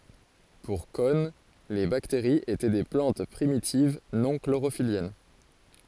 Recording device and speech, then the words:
forehead accelerometer, read sentence
Pour Cohn, les bactéries étaient des plantes primitives non chlorophylliennes.

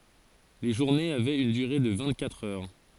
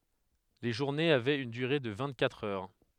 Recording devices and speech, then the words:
forehead accelerometer, headset microphone, read sentence
Les journées avaient une durée de vingt-quatre heures.

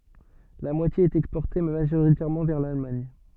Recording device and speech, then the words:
soft in-ear microphone, read sentence
La moitié est exportée, majoritairement vers l'Allemagne.

